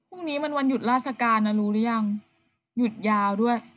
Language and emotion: Thai, neutral